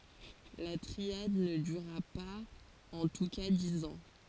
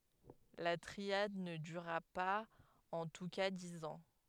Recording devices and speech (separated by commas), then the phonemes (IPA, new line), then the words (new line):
forehead accelerometer, headset microphone, read sentence
la tʁiad nə dyʁa paz ɑ̃ tu ka diz ɑ̃
La triade ne dura pas en tous cas dix ans.